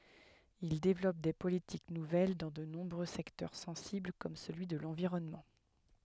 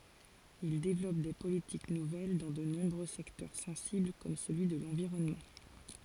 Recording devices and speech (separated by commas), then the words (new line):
headset microphone, forehead accelerometer, read sentence
Il développe des politiques nouvelles dans de nombreux secteurs sensibles comme celui de l'environnement.